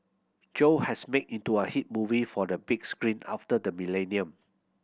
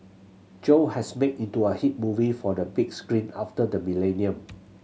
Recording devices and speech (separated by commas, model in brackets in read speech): boundary microphone (BM630), mobile phone (Samsung C7100), read sentence